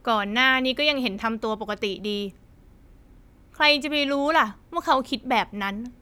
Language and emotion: Thai, frustrated